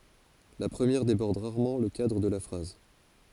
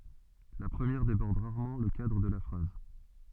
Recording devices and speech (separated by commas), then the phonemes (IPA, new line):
forehead accelerometer, soft in-ear microphone, read sentence
la pʁəmjɛʁ debɔʁd ʁaʁmɑ̃ lə kadʁ də la fʁaz